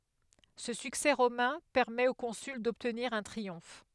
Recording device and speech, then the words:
headset microphone, read sentence
Ce succès romain permet au consul d'obtenir un triomphe.

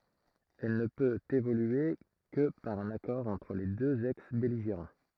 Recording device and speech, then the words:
throat microphone, read sentence
Elle ne peut évoluer que par un accord entre les deux ex-belligérants.

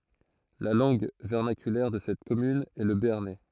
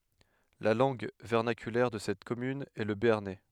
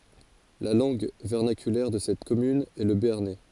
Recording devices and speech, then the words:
throat microphone, headset microphone, forehead accelerometer, read sentence
La langue vernaculaire de cette commune est le béarnais.

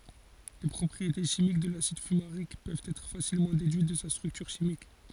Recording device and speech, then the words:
forehead accelerometer, read sentence
Les propriétés chimiques de l'acide fumarique peuvent être facilement déduites de sa structure chimique.

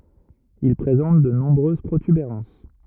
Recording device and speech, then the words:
rigid in-ear microphone, read sentence
Il présente de nombreuses protubérances.

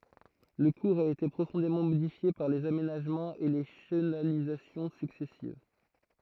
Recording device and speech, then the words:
throat microphone, read sentence
Le cours a été profondément modifié par les aménagements et les chenalisations successives.

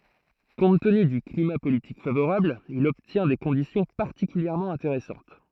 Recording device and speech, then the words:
throat microphone, read sentence
Compte tenu du climat politique favorable, il obtient des conditions particulièrement intéressantes.

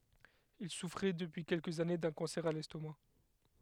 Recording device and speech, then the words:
headset microphone, read sentence
Il souffrait depuis quelques années d’un cancer à l’estomac.

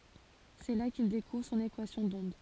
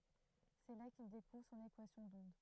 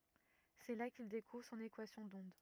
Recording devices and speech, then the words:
forehead accelerometer, throat microphone, rigid in-ear microphone, read sentence
C'est là qu'il découvre son équation d'onde.

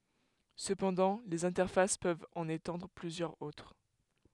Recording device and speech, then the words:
headset microphone, read sentence
Cependant les interfaces peuvent en étendre plusieurs autres.

